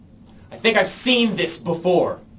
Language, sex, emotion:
English
male
angry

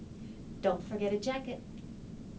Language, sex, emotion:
English
female
neutral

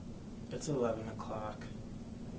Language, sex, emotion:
English
male
sad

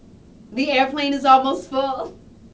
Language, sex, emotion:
English
female
happy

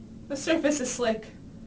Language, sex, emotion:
English
female
fearful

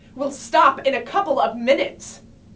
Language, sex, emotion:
English
female
angry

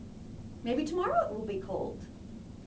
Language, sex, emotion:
English
female
happy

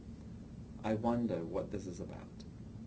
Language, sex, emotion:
English
male
neutral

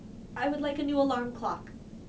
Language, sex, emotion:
English
female
neutral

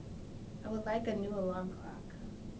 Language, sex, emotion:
English
female
neutral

